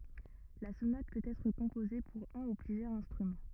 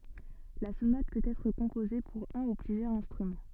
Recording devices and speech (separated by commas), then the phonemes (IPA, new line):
rigid in-ear microphone, soft in-ear microphone, read sentence
la sonat pøt ɛtʁ kɔ̃poze puʁ œ̃ u plyzjœʁz ɛ̃stʁymɑ̃